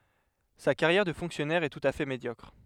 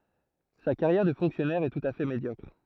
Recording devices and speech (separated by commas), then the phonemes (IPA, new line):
headset microphone, throat microphone, read sentence
sa kaʁjɛʁ də fɔ̃ksjɔnɛʁ ɛ tut a fɛ medjɔkʁ